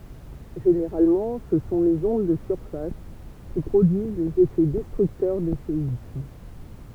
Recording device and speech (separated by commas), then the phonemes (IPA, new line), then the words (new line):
temple vibration pickup, read sentence
ʒeneʁalmɑ̃ sə sɔ̃ lez ɔ̃d də syʁfas ki pʁodyiz lez efɛ dɛstʁyktœʁ de seism
Généralement ce sont les ondes de surface qui produisent les effets destructeurs des séismes.